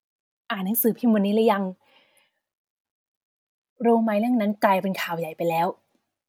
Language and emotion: Thai, frustrated